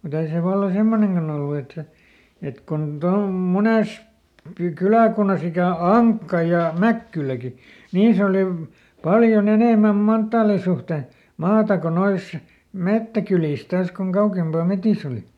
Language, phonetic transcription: Finnish, muˈt ‿ei se valla "semmoneŋkan ‿ollu et se , et kon ˈtaum- "munès , pi- ˈkylä̀kunnas ‿ikä̀ "Aŋkka ja "Mäkkyläki , ˈniis ‿oliv- , ˈpaljoˈn ‿enèmäm "manttaali suhte , ˈmaata ko ˈnois , "mettäkylìs ˈtaas koŋ ˈkaukempà ˈmetis ‿oli .
- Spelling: mutta ei se vallan semmoinenkaan ollut että se että kun - monessa - kyläkunnassa ikänä Ankka ja Mäkkyläkin niissä - paljon enemmän manttaalin suhteen maata kuin noissa metsäkylissä taas kuin kauempana metsissä oli

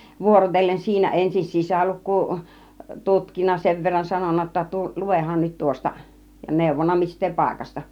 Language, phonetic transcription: Finnish, 'vuorotellen 'siinä 'ensin 'sisäluk̆kuu , 'tutkinna 'sev verran 'sanonna jotta 'tu- , "lu₍ehan nyt 'tŭŏsta , ja 'nèuvonna 'mist̆tee 'pàikasta .
- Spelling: vuorotellen siinä ensin sisälukua tutkinut sen verran sanonut jotta - luehan nyt tuosta ja neuvonut mistä paikasta

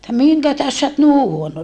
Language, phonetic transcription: Finnish, että » miŋkä tähes sä ot ni huono .
- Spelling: että minkä tähden sinä olet niin huono

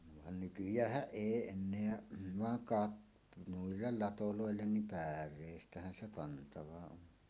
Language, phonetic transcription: Finnish, van nykyj̀ääh̆häˀ "ˀèi 'enneä , vaŋ "kat- , 'nuillel 'latolòellen nim "pär̆rèistähän 'se 'pantava 'on .
- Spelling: vaan nykyäänhän ei enää vaan - noille ladoille niin päreistähän se pantava on

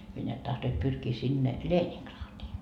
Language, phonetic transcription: Finnish, hyö neät 'tahtoit 'pyrkii sinne , "Leeniŋkraatii .
- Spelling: he näet tahtoivat pyrkiä sinne Leningradiin

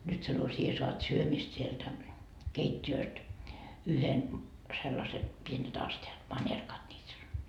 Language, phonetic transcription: Finnish, nyt sano 'sie soat 'syömist sieltä , "keit́t́i₍ööst , 'yhen , sellase , pienet aste₍at , 'mańerkat niit sano .
- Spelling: nyt sanoi sinä saat syömistä sieltä keittiöstä yhden sellaisen pienet astiat manerkat niitä sanoi

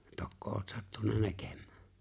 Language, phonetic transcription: Finnish, 'tokko oot 'sattun̆na 'näkem̆mää ?
- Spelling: tokko olet sattunut näkemään

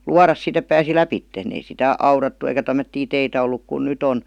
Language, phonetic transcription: Finnish, luaras 'sit ‿ep pääsi "läpitten , ei sitä , 'aurattu eikä tämmöttii 'teitä olluk kun "nyt ‿on .
- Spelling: luoda sitten että pääsi lävitse ei sitä aurattu eikä tämmöisiä teitä ollut kuin nyt on

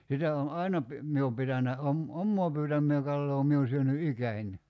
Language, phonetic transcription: Finnish, 'sitä on̬ "àina pi- , 'mie om 'pitänä 'om- , "ommoo 'pyytämm(ee) 'kalloo 'mie o 'syöny "ikäń .
- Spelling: sitä on aina - minä olen pitänyt - omaa pyytämää kalaa minä olen syönyt ikäni

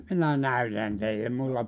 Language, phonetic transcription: Finnish, "minä "näytän 'teille mulla ,.
- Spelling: minä näytän teille minulla

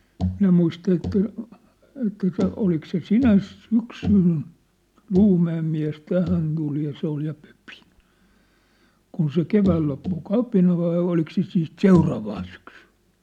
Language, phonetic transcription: Finnish, 'minä muista että , että se 'olik se "sinäs̳ 'syksyn , 'ʟuumä₍em miä̭s 'tähän tul ja 'se ‿ol ja pᴏ̈pɪ , kun se "kevääl loppu "kapina vai olik se siit "seuraavaan syksʏɴ .
- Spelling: minä muista että että se oliko se sinä syksynä Luumäen mies tähän tuli ja se oli ja pöpi kun se keväällä loppui kapina vai oliko se sitten seuraavana syksynä

